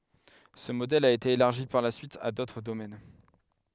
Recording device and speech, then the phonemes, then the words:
headset microphone, read sentence
sə modɛl a ete elaʁʒi paʁ la syit a dotʁ domɛn
Ce modèle a été élargi par la suite à d'autres domaines.

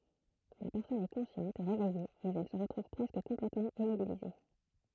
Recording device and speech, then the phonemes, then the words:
throat microphone, read sentence
la pɛʁsɔn ɛ kɔ̃sjɑ̃t e ʁevɛje mɛz ɛl sə ʁətʁuv pʁɛskə kɔ̃plɛtmɑ̃ immobilize
La personne est consciente et réveillée mais elle se retrouve presque complètement immobilisée.

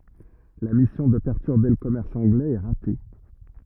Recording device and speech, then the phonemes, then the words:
rigid in-ear microphone, read sentence
la misjɔ̃ də pɛʁtyʁbe lə kɔmɛʁs ɑ̃ɡlɛz ɛ ʁate
La mission de perturber le commerce anglais est ratée.

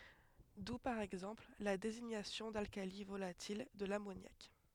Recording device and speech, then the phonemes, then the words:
headset microphone, read sentence
du paʁ ɛɡzɑ̃pl la deziɲasjɔ̃ dalkali volatil də lamonjak
D'où par exemple la désignation d'alcali volatil de l'ammoniaque.

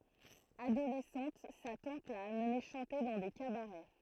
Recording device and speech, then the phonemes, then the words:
throat microphone, read sentence
adolɛsɑ̃t sa tɑ̃t la amne ʃɑ̃te dɑ̃ de kabaʁɛ
Adolescente, sa tante l'a amené chanter dans des cabarets.

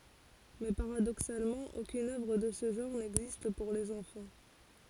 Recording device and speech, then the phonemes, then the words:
forehead accelerometer, read sentence
mɛ paʁadoksalmɑ̃ okyn œvʁ də sə ʒɑ̃ʁ nɛɡzist puʁ lez ɑ̃fɑ̃
Mais paradoxalement, aucune œuvre de ce genre n'existe pour les enfants.

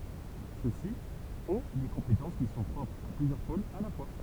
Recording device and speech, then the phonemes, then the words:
temple vibration pickup, read sentence
søksi ɔ̃ de kɔ̃petɑ̃s ki sɔ̃ pʁɔpʁz a plyzjœʁ polz a la fwa
Ceux-ci ont des compétences qui sont propres à plusieurs pôles à la fois.

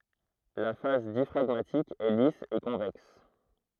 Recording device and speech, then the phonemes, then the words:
throat microphone, read sentence
la fas djafʁaɡmatik ɛ lis e kɔ̃vɛks
La face diaphragmatique est lisse et convexe.

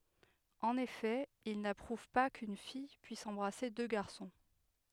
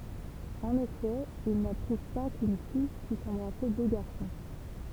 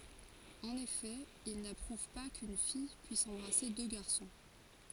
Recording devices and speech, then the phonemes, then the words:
headset microphone, temple vibration pickup, forehead accelerometer, read sentence
ɑ̃n efɛ il napʁuv pa kyn fij pyis ɑ̃bʁase dø ɡaʁsɔ̃
En effet, ils n’approuvent pas qu'une fille puisse embrasser deux garçons.

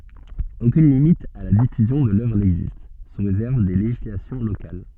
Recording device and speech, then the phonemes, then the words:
soft in-ear microphone, read sentence
okyn limit a la difyzjɔ̃ də lœvʁ nɛɡzist su ʁezɛʁv de leʒislasjɔ̃ lokal
Aucune limite à la diffusion de l'œuvre n'existe, sous réserve des législations locales.

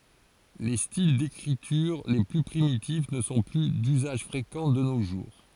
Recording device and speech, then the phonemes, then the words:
forehead accelerometer, read sentence
le stil dekʁityʁ le ply pʁimitif nə sɔ̃ ply dyzaʒ fʁekɑ̃ də no ʒuʁ
Les styles d'écriture les plus primitifs ne sont plus d'usage fréquent de nos jours.

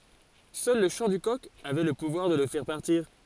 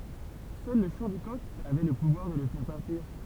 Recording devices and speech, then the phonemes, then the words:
forehead accelerometer, temple vibration pickup, read sentence
sœl lə ʃɑ̃ dy kɔk avɛ lə puvwaʁ də lə fɛʁ paʁtiʁ
Seul le chant du coq avait le pouvoir de le faire partir.

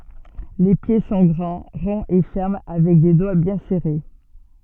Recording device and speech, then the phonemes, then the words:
soft in-ear microphone, read sentence
le pje sɔ̃ ɡʁɑ̃ ʁɔ̃z e fɛʁm avɛk de dwa bjɛ̃ sɛʁe
Les pieds sont grands, ronds et fermes avec des doigts bien serrés.

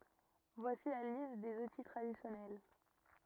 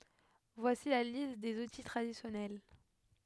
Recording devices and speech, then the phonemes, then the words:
rigid in-ear microphone, headset microphone, read sentence
vwasi la list dez uti tʁadisjɔnɛl
Voici la liste des outils traditionnels.

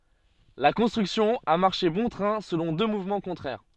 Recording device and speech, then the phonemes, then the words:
soft in-ear microphone, read sentence
la kɔ̃stʁyksjɔ̃ a maʁʃe bɔ̃ tʁɛ̃ səlɔ̃ dø muvmɑ̃ kɔ̃tʁɛʁ
La construction a marché bon train selon deux mouvements contraires.

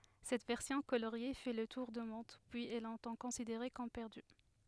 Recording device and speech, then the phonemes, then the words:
headset microphone, read sentence
sɛt vɛʁsjɔ̃ koloʁje fɛ lə tuʁ dy mɔ̃d pyiz ɛ lɔ̃tɑ̃ kɔ̃sideʁe kɔm pɛʁdy
Cette version coloriée fait le tour du monde, puis est longtemps considérée comme perdue.

